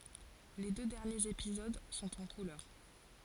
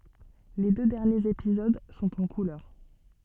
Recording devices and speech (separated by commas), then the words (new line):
forehead accelerometer, soft in-ear microphone, read sentence
Les deux derniers épisodes sont en couleur.